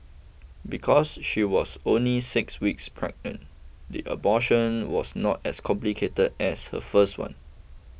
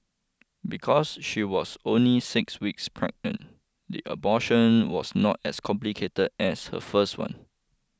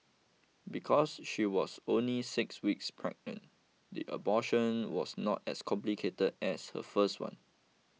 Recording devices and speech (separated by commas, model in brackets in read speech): boundary microphone (BM630), close-talking microphone (WH20), mobile phone (iPhone 6), read sentence